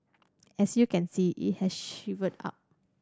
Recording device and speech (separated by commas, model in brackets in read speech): standing microphone (AKG C214), read sentence